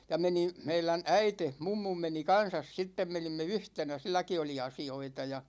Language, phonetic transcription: Finnish, ja 'menin̬ , 'meilän "äite , "mummum meni 'kan̬sas 'sittem 'menimme "yhtenä , 'silläki oli "asi₍oita ja .
- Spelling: ja menin meidän äiti mummun meni kanssa sitten menimme yhtenä silläkin oli asioita ja

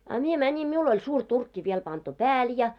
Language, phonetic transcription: Finnish, a 'mie 'mäńim 'miul ‿oĺ suur 'turkki viel pantu "pääl ja .
- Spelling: a minä menin minulla oli suuri turkki vielä pantu päälle ja

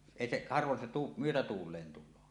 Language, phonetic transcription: Finnish, 'èi seˀ , 'harvon se tu- , 'myötätuul̀een tul̆loo .
- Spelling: ei se harvoin se - myötätuuleen tulee

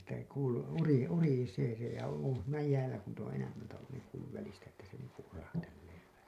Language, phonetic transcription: Finnish, että , kuulu , uri- , urisee se ja , on̬ siinä 'jäälä ku niit ‿oo̰ 'enämmältä ollun niiŋ kuulluv 'välistä että se niiŋku 'urahtellee vähä .
- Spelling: että kuului - urisee se ja on siinä jäällä kun niitä on enemmälti ollut niin kuullut välistä että se niin kuin urahtelee vähän

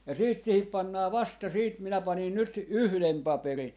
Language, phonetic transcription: Finnish, ja 'siit sihip 'pannaa "vasta siit minä 'panin 'nyt , "yhlem 'paperin̬ .
- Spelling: ja sitten siihen pannaan vasta sitten minä panin nyt yhden paperin

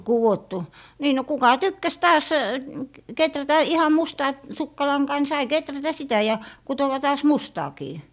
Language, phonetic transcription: Finnish, kuwottu , nii no kuka "tykkäs taas , 'keträtä 'iham mustaa , 'sukkalaŋkaa ni sai "keträtä sitä ja 'kutowa 'taas "mustaakii .
- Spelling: kudottu niin no kuka tykkäsi taas kehrätä ihan mustaa sukkalankaa niin sai kehrätä sitä ja kutoa taas mustaakin

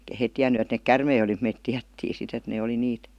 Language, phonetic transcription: Finnish, [Ei]kä 'heit tiän̆ny et 'neek "kärmei oli mut 'meit "tiättii sit et 'nee oli "niit .
- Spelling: eikä he tiennyt että ne käärmeitä oli mutta me tiedettiin sitten että ne oli niitä

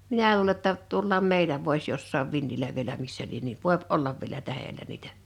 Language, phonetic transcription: Finnish, minä (l)uule ‿tta , 'tuollaam "mèilä vois jossaav 'vinnilä vielä 'missä lien ni , "vòep 'ollav vielä 'tähelä niitᴀ̈ .
- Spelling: minä luulen jotta tuollakin meillä voisi jossakin vintillä vielä missä lie niin voi olla vielä tähdellä niitä

